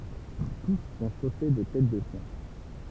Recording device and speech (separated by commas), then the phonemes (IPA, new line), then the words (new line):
temple vibration pickup, read sentence
tus sɔ̃ ʃose də tɛt də ʃjɛ̃
Tous sont chaussés de têtes de chiens.